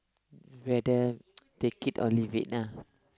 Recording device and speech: close-talking microphone, conversation in the same room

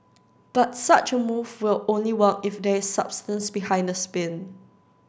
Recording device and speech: standing microphone (AKG C214), read sentence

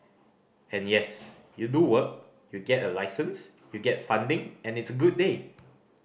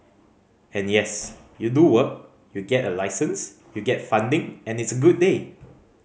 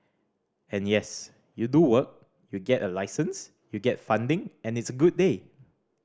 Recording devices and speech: boundary microphone (BM630), mobile phone (Samsung C5010), standing microphone (AKG C214), read sentence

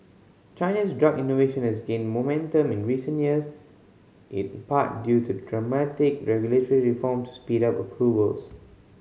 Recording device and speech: mobile phone (Samsung C5010), read sentence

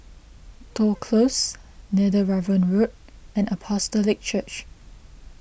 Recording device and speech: boundary microphone (BM630), read sentence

